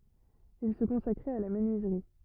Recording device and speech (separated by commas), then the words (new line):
rigid in-ear microphone, read sentence
Il se consacrait à la menuiserie.